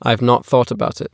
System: none